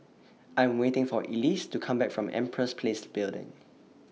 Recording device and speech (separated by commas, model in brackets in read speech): mobile phone (iPhone 6), read sentence